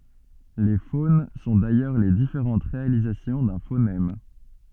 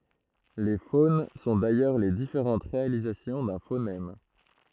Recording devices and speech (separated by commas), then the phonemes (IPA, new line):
soft in-ear microphone, throat microphone, read sentence
le fon sɔ̃ dajœʁ le difeʁɑ̃t ʁealizasjɔ̃ dœ̃ fonɛm